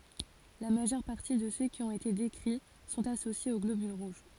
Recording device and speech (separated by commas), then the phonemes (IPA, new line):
forehead accelerometer, read sentence
la maʒœʁ paʁti də sø ki ɔ̃t ete dekʁi sɔ̃t asosjez o ɡlobyl ʁuʒ